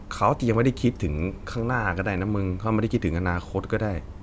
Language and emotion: Thai, neutral